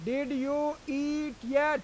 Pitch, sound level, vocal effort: 285 Hz, 96 dB SPL, very loud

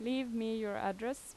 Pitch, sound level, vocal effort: 225 Hz, 85 dB SPL, normal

